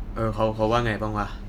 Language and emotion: Thai, neutral